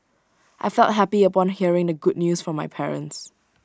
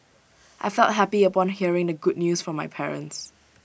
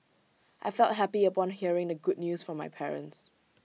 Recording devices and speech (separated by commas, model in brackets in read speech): standing microphone (AKG C214), boundary microphone (BM630), mobile phone (iPhone 6), read sentence